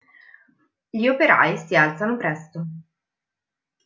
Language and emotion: Italian, neutral